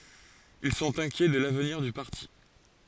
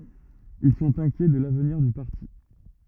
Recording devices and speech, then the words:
forehead accelerometer, rigid in-ear microphone, read sentence
Ils sont inquiets de l'avenir du parti.

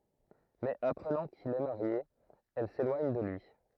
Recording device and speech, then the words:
throat microphone, read sentence
Mais apprenant qu'il est marié, elle s'éloigne de lui.

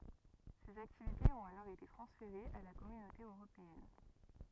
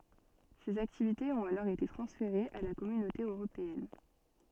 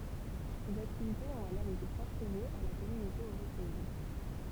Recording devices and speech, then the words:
rigid in-ear microphone, soft in-ear microphone, temple vibration pickup, read sentence
Ces activités ont alors été transférées à la Communauté européenne.

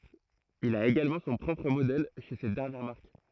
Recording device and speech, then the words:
throat microphone, read sentence
Il a également son propre modèle chez cette dernière marque.

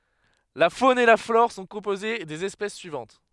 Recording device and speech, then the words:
headset microphone, read sentence
La faune et la flore sont composées des espèces suivantes.

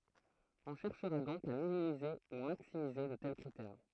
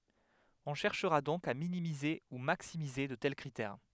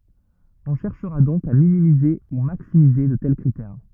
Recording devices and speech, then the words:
throat microphone, headset microphone, rigid in-ear microphone, read sentence
On cherchera donc à minimiser ou maximiser de tels critères.

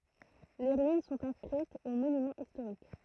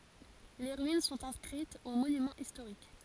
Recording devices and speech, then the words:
throat microphone, forehead accelerometer, read sentence
Les ruines sont inscrites aux Monuments historiques.

